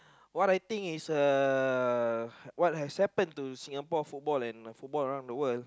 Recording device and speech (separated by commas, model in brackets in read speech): close-talking microphone, conversation in the same room